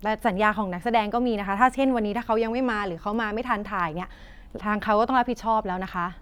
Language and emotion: Thai, frustrated